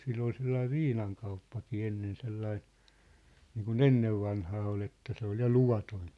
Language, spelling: Finnish, sillä oli sellainen viinakauppakin ennen sellainen niin kuin ennen vanhaan oli että se oli ja luvaton
- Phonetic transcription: 'sill ‿ol 'sellaiv̆ "viinaŋkauppakii 'ennen 'sellai , niiku"n ‿ennev'vanhaa o'l ‿että se ‿ol 'ja "luvatoⁱn̬ .

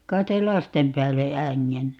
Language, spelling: Finnish, kai ei lasten päälle ängennyt
- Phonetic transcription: ('kait) ‿ei "lastem 'päälle , 'äŋŋenny .

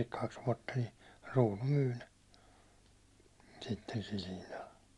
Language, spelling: Finnish, kaksi vuotta niin kruunu myi ne sitten sillä hinnalla
- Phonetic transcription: kaks vuåtta ni , 'ruunu "myy ne , sitten sil hinnal .

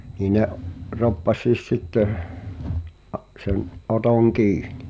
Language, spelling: Finnish, niin ne roppasi sitten - sen Oton kiinni
- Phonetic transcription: nii ne’ , 'roppas̆siis "sitteh , ᵃˉ sen , '’Otoŋ "kiiɴɪ .

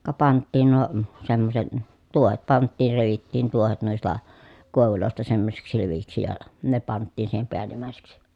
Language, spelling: Finnish, ka pantiin nuo semmoiset tuohet pantiin revittiin tuohet noista koivuista semmoisiksi levyiksi ja ne pantiin siihen päällimmäiseksi
- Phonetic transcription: ka panttiin nuo , semmoset , tuohet panttiir revittiin tuohet nuista , kòevulòista semmosiksi lev(y)iksi ja , ne panttiin siihem peälim̀ä̀eseksi .

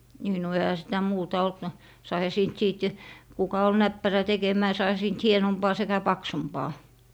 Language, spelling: Finnish, niin no eihän sitä muuta ollut no saihan siitä sitten kuka oli näppärä tekemään saihan siitä hienompaa sekä paksumpaa
- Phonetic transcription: nii no 'ehä sitä "muuta olt no , 'saiha 'siint 'siit , kuka ol "näppärä 'tekemää 'saiha siint "hienompaa sekä "paksumpaa .

